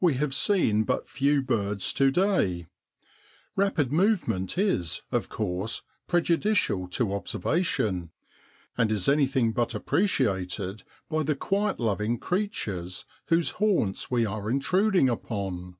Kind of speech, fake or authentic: authentic